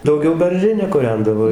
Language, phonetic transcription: Lithuanian, dauˈgiau berˈžine kuˈrendavo

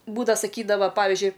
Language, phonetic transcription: Lithuanian, ˈbūdava saˈkydava ˈpavizdžiui

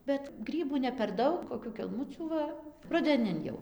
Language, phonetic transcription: Lithuanian, ˈbet ˈgrybų ne per ˈdaug koˈkių kelˈmucių ˈva rudeˈnin jau

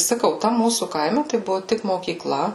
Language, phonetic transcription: Lithuanian, saˈkau ˈtam ˈmūsų ˈkaime tai ˈbuvu ˈtik mokykˈla

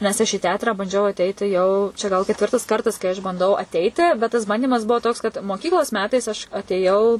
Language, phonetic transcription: Lithuanian, nes aš į ˈteatrą banˈdžiau aˈteiti jau čia gal ketˈvirtas ˈkartas kai aš banˈdau aˈteiti bet tas ˈbandymas ˈbuo toks kad moˈkyklos ˈmetais aš atėˈjau

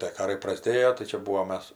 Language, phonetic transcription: Lithuanian, tė ˈkarai praˈsdėjo tai ˈčia ˈbūvom ˈmes

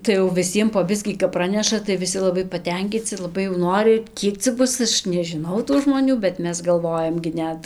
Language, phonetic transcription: Lithuanian, tai jau viˈsiem po ˈbiskį kap ˈpraneša tai viˈsi laˈbai paˈtenkyci laˈbai jau ˈnori ˈkiek cia ˈbus ˈaš nežiˈnau tų žmoˈnių bet ˈmes galˈvojam gi ˈnet

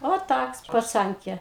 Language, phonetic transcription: Lithuanian, o ˈtaks paˈcankė

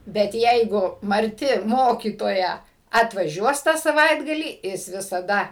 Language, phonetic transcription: Lithuanian, bet ˈjeigu marˈti ˈmokytoja atvaˈžiuos tą saˈvaitgalį ˈjis visaˈda

